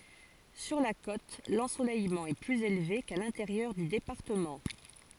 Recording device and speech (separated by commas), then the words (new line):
forehead accelerometer, read sentence
Sur la côte, l'ensoleillement est plus élevé qu'à l'intérieur du département.